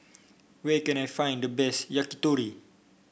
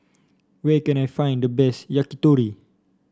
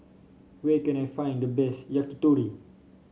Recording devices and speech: boundary microphone (BM630), standing microphone (AKG C214), mobile phone (Samsung C5), read sentence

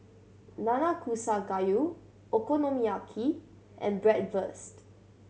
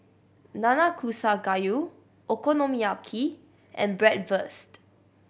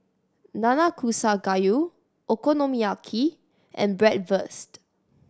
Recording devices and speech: mobile phone (Samsung C7100), boundary microphone (BM630), standing microphone (AKG C214), read sentence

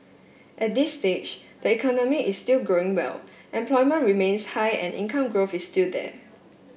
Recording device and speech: boundary microphone (BM630), read sentence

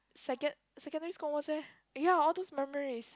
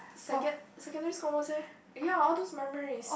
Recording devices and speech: close-talking microphone, boundary microphone, conversation in the same room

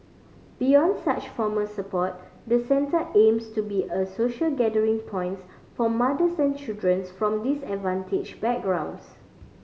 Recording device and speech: mobile phone (Samsung C5010), read sentence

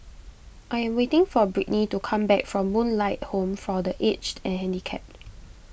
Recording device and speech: boundary microphone (BM630), read sentence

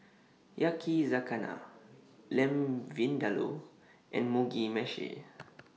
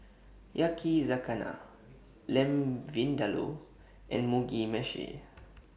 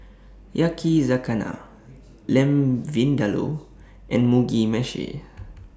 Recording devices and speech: mobile phone (iPhone 6), boundary microphone (BM630), standing microphone (AKG C214), read sentence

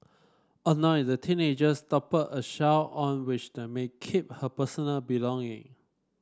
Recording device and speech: standing microphone (AKG C214), read sentence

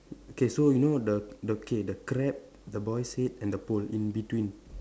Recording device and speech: standing microphone, conversation in separate rooms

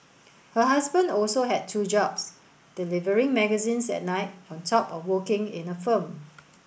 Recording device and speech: boundary microphone (BM630), read sentence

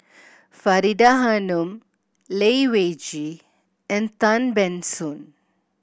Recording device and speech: boundary microphone (BM630), read sentence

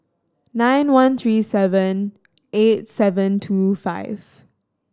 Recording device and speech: standing microphone (AKG C214), read sentence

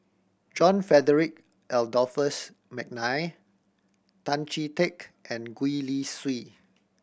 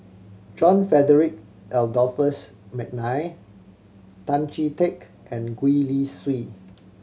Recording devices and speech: boundary microphone (BM630), mobile phone (Samsung C7100), read sentence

